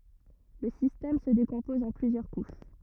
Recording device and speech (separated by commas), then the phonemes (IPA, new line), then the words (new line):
rigid in-ear microphone, read sentence
lə sistɛm sə dekɔ̃pɔz ɑ̃ plyzjœʁ kuʃ
Le système se décompose en plusieurs couches.